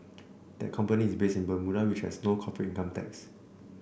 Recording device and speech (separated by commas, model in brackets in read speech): boundary microphone (BM630), read sentence